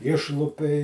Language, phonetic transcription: Lithuanian, ˈišlupei

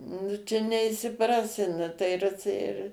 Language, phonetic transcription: Lithuanian, nu ˈčia neišsiˈprasi ˈnu tai ˈir ir

